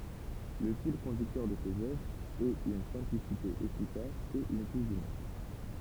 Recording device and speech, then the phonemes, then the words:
temple vibration pickup, read sentence
lə fil kɔ̃dyktœʁ də sez œvʁz ɛt yn sɛ̃plisite efikas e yn tuʃ dymuʁ
Le fil conducteur de ses œuvres est une simplicité efficace et une touche d'humour.

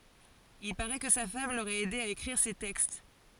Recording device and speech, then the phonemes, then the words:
forehead accelerometer, read sentence
il paʁɛ kə sa fam loʁɛt ɛde a ekʁiʁ se tɛkst
Il parait que sa femme l'aurait aidé à écrire ses textes.

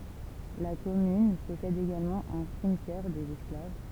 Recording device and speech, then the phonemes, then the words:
temple vibration pickup, read sentence
la kɔmyn pɔsɛd eɡalmɑ̃ œ̃ simtjɛʁ dez ɛsklav
La commune possède également un cimetière des Esclaves.

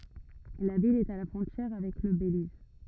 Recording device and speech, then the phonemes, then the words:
rigid in-ear microphone, read sentence
la vil ɛt a la fʁɔ̃tjɛʁ avɛk lə beliz
La ville est à la frontière avec le Belize.

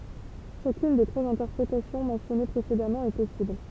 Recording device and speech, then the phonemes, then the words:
temple vibration pickup, read sentence
ʃakyn de tʁwaz ɛ̃tɛʁpʁetasjɔ̃ mɑ̃sjɔne pʁesedamɑ̃ ɛ pɔsibl
Chacune des trois interprétations mentionnées précédemment est possible.

